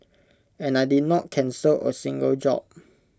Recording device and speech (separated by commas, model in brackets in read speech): close-talking microphone (WH20), read sentence